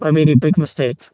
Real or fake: fake